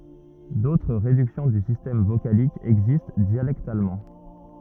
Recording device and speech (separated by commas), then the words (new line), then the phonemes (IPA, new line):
rigid in-ear microphone, read sentence
D'autres réductions du système vocalique existent dialectalement.
dotʁ ʁedyksjɔ̃ dy sistɛm vokalik ɛɡzist djalɛktalmɑ̃